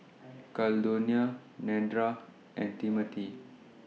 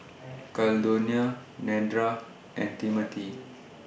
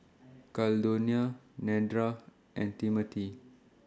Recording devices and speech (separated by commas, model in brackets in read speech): mobile phone (iPhone 6), boundary microphone (BM630), standing microphone (AKG C214), read sentence